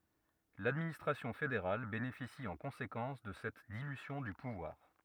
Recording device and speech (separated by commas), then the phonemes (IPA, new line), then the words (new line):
rigid in-ear microphone, read sentence
ladministʁasjɔ̃ fedeʁal benefisi ɑ̃ kɔ̃sekɑ̃s də sɛt dilysjɔ̃ dy puvwaʁ
L'administration fédérale bénéficie en conséquence de cette dilution du pouvoir.